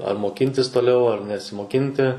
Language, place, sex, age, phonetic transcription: Lithuanian, Suvalkija, male, 18-60, ar moˈkintis toˈliau ar nesimoˈkinti

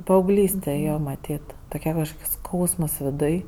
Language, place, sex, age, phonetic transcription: Lithuanian, Aukštaitija, female, 18-60, paauˈglyste ˈjo maˈtyt toˈkia kažˈkoks ˈskausmas viˈduj

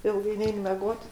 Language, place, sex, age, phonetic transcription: Lithuanian, Aukštaitija, female, 60+, ˈilgai ˈnein meˈgot

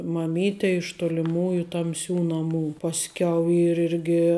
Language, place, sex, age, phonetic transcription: Lithuanian, Žemaitija, female, 18-60, maˈmytė iš toliˈmųju tamˈsių naˈmų pasˈkiau ˈyr ˈirgi

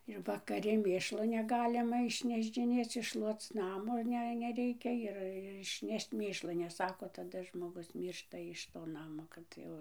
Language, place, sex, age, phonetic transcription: Lithuanian, Dzūkija, female, 60+, ir vakaˈri ˈmėšlo neˈgalima išnešdžiˈnėc išˈšluoc ˈnamo ˈne neˈreikia ir išˈnešč ˈmėšlo nes ˈsako taˈda žmoˈgus ˈmyršta ˌiš to ˈnamo ˈkad jau

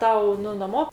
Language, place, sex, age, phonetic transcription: Lithuanian, Aukštaitija, female, 60+, ˈtau ˈnu naˈmo

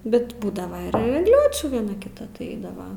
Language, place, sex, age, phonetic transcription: Lithuanian, Aukštaitija, female, 18-60, bet ˈbūdava ir egˈliočių vieˈna kiˈta tai ˈeidava

